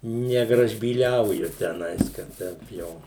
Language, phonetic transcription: Lithuanian, negražbyˈliauju teˈnais kad ˈteip jau

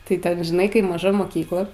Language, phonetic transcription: Lithuanian, tai ˈten žiˈnai ˈkai maˈža moˈkykla

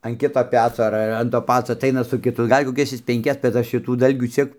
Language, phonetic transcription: Lithuanian, an ˈkito ˈpeco ar ˈar an to ˈpaco aˈtaina su kiˈtu ˈgal' koˈkias ˈjis penˈkias bet ˈaš šiˈtų ˈdalgių ˈciek

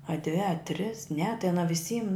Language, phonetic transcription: Lithuanian, a dvi a tris ne tai aˈna viˈsym

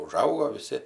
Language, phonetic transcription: Lithuanian, uˈžaugo viˈsi

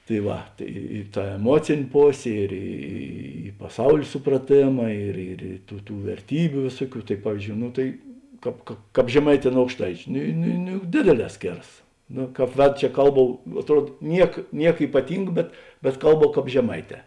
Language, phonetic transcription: Lithuanian, tai ˈva tai i ˈta eˈmuocėn' ˈposė ir ˈy paˈsaulė supraˈtėma ir ir i ˈtų ˈtų verˈtybiu ˈvėsuoˌkių tai ˈpavizˌdžiou ˈnu tai ˈkāp ka ˈkāp žeˈmaiˌtē nu aukšˈtaičiu ˈnu ˈnu ˈnu juk ˈdėdėˌlē ˈskėras ˈno ˈkāp ˈvedu čia ˈkalˌbau atˈruod ˈniek ˈniek ypaˈting bet bet ˈkalˌbau ˈkāp žeˈmaiˌtē

